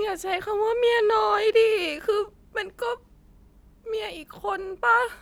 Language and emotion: Thai, sad